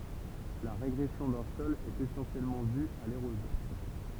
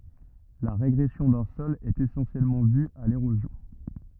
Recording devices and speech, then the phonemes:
temple vibration pickup, rigid in-ear microphone, read sentence
la ʁeɡʁɛsjɔ̃ dœ̃ sɔl ɛt esɑ̃sjɛlmɑ̃ dy a leʁozjɔ̃

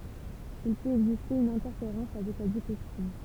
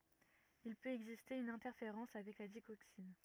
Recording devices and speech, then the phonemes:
temple vibration pickup, rigid in-ear microphone, read sentence
il pøt ɛɡziste yn ɛ̃tɛʁfeʁɑ̃s avɛk la diɡoksin

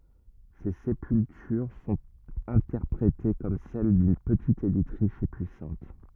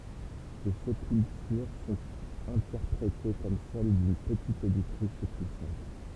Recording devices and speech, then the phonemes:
rigid in-ear microphone, temple vibration pickup, read sentence
se sepyltyʁ sɔ̃t ɛ̃tɛʁpʁete kɔm sɛl dyn pətit elit ʁiʃ e pyisɑ̃t

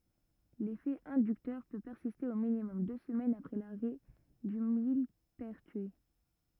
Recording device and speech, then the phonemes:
rigid in-ear microphone, read sentence
lefɛ ɛ̃dyktœʁ pø pɛʁsiste o minimɔm dø səmɛnz apʁɛ laʁɛ dy milpɛʁtyi

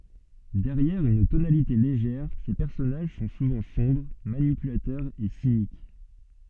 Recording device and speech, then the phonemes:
soft in-ear microphone, read sentence
dɛʁjɛʁ yn tonalite leʒɛʁ se pɛʁsɔnaʒ sɔ̃ suvɑ̃ sɔ̃bʁ manipylatœʁz e sinik

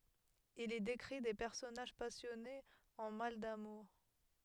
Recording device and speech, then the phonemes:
headset microphone, read sentence
il i dekʁi de pɛʁsɔnaʒ pasjɔnez ɑ̃ mal damuʁ

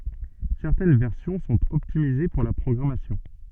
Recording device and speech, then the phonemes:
soft in-ear microphone, read sentence
sɛʁtɛn vɛʁsjɔ̃ sɔ̃t ɔptimize puʁ la pʁɔɡʁamasjɔ̃

